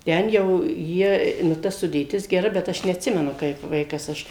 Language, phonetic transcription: Lithuanian, ˈten jau ˈjie nu ˈta sudėˈtis geˈra bet ˈaš neatˈsimenu kaip ˈvaikas ˈaš

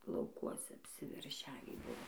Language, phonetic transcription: Lithuanian, lauˈkuose apsiverˈšiavį ˈbuvo

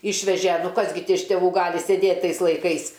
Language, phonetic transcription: Lithuanian, ˈišveže ˈnu ˈkas gi ti iš teˈvų ˈgali seˈdėt' ˈtais laiˈkais

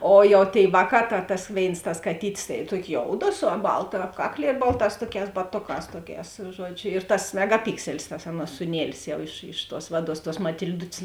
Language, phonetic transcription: Lithuanian, ˈo jau tėi ˈvāˌkā ta tas ˈvėins tas kaˈtytis tai ˈtuokio ˈjoudo su ˈbalta ˈapkakˌlie ˈbalˌtās ˈtuoˌkēs baˈtoˌkās ˈtuoˌkēs ˈžuodžiu ir tas megaˈpikselis tas ˈaˌnuos sūˈnielis ˈjau iš iš tuos ˈvaˌduos tuos matil'ˈdut's'

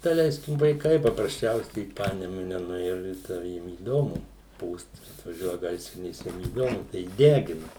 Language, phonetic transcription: Lithuanian, daˈleiskim vaiˈkai paprasˈčiausiai i ˈpanemune nuˈėju ir ˈten ˈjiem įˈdomu ˈpūst atvaˈžiuoja ˈgaisrinės ˈjiem įˈdomu tai ˈdegina

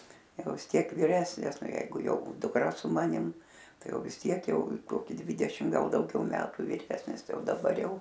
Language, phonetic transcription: Lithuanian, ˈjau vis ˈtiek viˈresnis ˈnaˈjeigu ˈjau dukˈra su ˈmanim ˈtai ˈjau vis ˈtiek ˈjau ˈkoki ˈdvydešim ˈgal dauˈgiau ˈmetu viˈresnis ˈtai ˈjau daˈbar ˈjau

